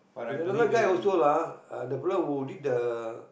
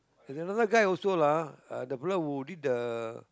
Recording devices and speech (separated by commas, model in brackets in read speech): boundary microphone, close-talking microphone, conversation in the same room